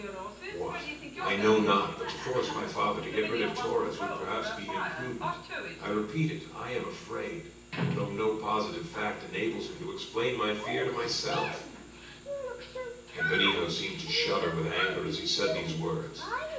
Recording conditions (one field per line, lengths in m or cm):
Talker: one person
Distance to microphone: 9.8 m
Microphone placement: far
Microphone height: 1.8 m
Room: large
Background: television